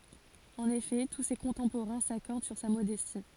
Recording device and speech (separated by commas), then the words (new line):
forehead accelerometer, read sentence
En effet, tous ses contemporains s'accordent sur sa modestie.